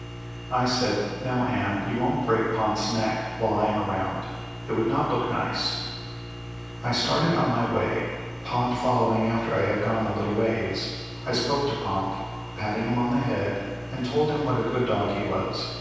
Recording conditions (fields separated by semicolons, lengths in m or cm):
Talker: one person; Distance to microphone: 7.1 m; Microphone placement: far; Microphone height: 1.7 m; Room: very reverberant, large; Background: none